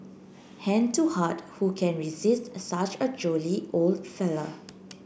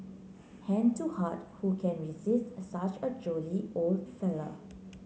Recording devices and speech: boundary microphone (BM630), mobile phone (Samsung C9), read sentence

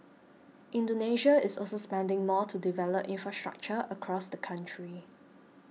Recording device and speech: mobile phone (iPhone 6), read sentence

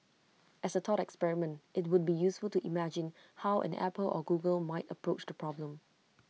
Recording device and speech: mobile phone (iPhone 6), read sentence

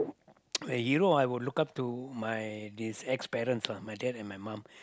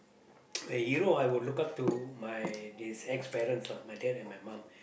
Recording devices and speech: close-talking microphone, boundary microphone, conversation in the same room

